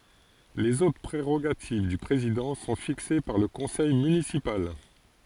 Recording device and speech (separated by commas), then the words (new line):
forehead accelerometer, read sentence
Les autres prérogatives du président sont fixées par le conseil municipal.